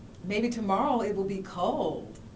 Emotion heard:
neutral